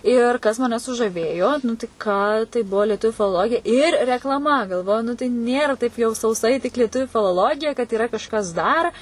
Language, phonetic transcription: Lithuanian, ˈir ˈkas maˈne sužaˈvėjo nu tai ˈką tai ˈbuvo lieˈtuviu filoˈlogija ir reklaˈma galˈvoju ˈnu tai ˈnėra taip jau sauˈsai tik lieˈtuviu filoˈlogija kad yˈra kažˈkas dar

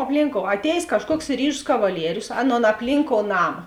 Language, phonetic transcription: Lithuanian, apˈlynˌkou aˈtējės ˈkažˌkuoks ˈryžus kavaˈlierius ˈaˌnon apˈlynˌkou ˈnama

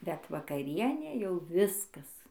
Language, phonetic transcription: Lithuanian, bet vakaˈrienė jau ˈviskas

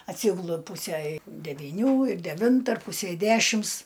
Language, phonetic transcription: Lithuanian, atˈsygulu ˈpūse devyˈnių ir deˈvinta ar ˈpusei ˈdešims

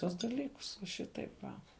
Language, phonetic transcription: Lithuanian, ˈtuos daˈlykus va ˈšitaip va

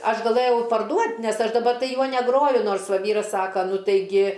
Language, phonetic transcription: Lithuanian, ˈaš gaˈlɘjau parˈduot' ˈnes ˈaš daˈba ˈjuo neˈgroju ˈnors ˈva ˈvyras ˈsaka ˈnu taiˈgi

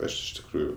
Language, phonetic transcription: Lithuanian, ˈaš iš tikˈrųju

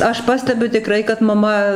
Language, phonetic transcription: Lithuanian, ˈaš ˈpastebiu tiˈkrai kad maˈma

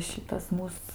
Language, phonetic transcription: Lithuanian, ˈšitas ˈmūs

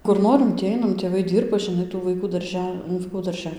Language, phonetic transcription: Lithuanian, kur ˈnorim tį ˈainam tėˈvai ˈdyrba žiˈnai tų vaiˈkų darˈže nu vaiˈkų darˈže

